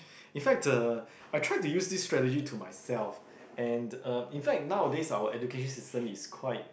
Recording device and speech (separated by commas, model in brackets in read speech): boundary microphone, conversation in the same room